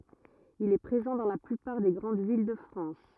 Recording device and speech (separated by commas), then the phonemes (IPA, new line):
rigid in-ear microphone, read sentence
il ɛ pʁezɑ̃ dɑ̃ la plypaʁ de ɡʁɑ̃d vil də fʁɑ̃s